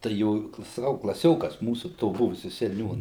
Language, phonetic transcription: Lithuanian, tai ˈjo saˈkau klaˈsiokas ˈmūsu to ˈbuvusiu seˈniūna

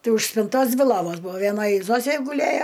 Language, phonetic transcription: Lithuanian, ˈtai už spinˈtos ˈdvi ˈlovos ˈbuvo vieˈnoj ˈzosė guˈlėjo

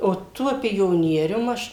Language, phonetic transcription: Lithuanian, o ˈtuo pioˈnierium ˈaš

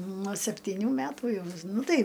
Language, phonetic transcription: Lithuanian, nuo septiˈnių ˈmætų ˈjau ˈnu ˈtai

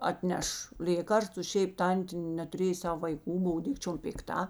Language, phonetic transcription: Lithuanian, atˈneš ˈlėkarstu ˈšeip ˈtantė netuˈrėj ˈsav vaiˈkų ˈbov ˈdikčiom pikˈta

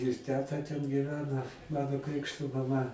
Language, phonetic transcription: Lithuanian, ir ˈteta ten gyˈvena ˈmano ˈkrikšto maˈma

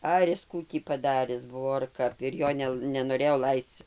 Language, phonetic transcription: Lithuanian, ˈar is ˈkų tį paˈdaris ˈbuvo ar ˈkap ir ˈjo ne nenoˈrėjo ˈlaisc

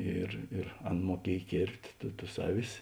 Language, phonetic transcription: Lithuanian, ˈir ir ˈan muoˈkiej ˈkėrpt' tu tus ˈaˌvis

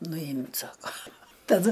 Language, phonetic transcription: Lithuanian, nuˈjimt' ˈsako taˈdu

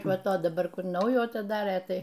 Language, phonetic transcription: Lithuanian, ˈva ˈto daˈbar ˈkur ˈnaujų atiˈdarė ˈtai

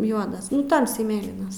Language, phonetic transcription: Lithuanian, ˈjuodas ˈtamsiai ˈmėlynas

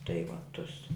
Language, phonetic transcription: Lithuanian, tai va ˈtus

